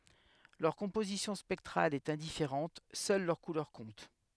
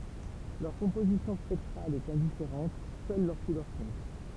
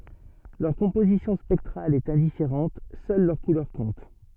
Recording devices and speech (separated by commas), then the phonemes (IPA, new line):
headset microphone, temple vibration pickup, soft in-ear microphone, read sentence
lœʁ kɔ̃pozisjɔ̃ spɛktʁal ɛt ɛ̃difeʁɑ̃t sœl lœʁ kulœʁ kɔ̃t